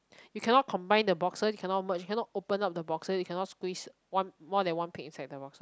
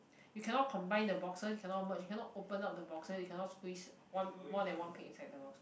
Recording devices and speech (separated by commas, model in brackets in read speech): close-talking microphone, boundary microphone, conversation in the same room